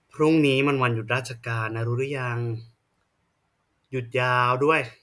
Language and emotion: Thai, frustrated